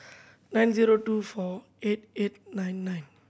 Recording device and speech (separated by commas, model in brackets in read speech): boundary microphone (BM630), read sentence